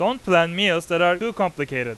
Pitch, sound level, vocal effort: 175 Hz, 98 dB SPL, loud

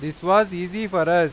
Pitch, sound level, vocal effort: 175 Hz, 98 dB SPL, loud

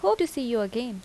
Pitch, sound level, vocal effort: 235 Hz, 83 dB SPL, normal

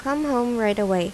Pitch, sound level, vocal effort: 230 Hz, 83 dB SPL, normal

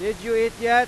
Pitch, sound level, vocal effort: 230 Hz, 103 dB SPL, very loud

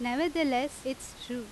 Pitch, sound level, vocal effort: 260 Hz, 88 dB SPL, very loud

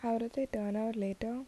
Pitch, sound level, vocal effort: 230 Hz, 77 dB SPL, soft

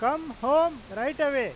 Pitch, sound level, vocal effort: 290 Hz, 100 dB SPL, very loud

